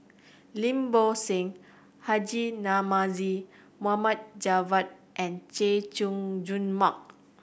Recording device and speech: boundary microphone (BM630), read sentence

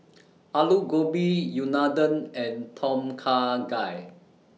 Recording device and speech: mobile phone (iPhone 6), read sentence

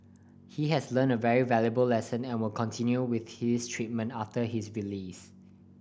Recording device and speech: boundary microphone (BM630), read sentence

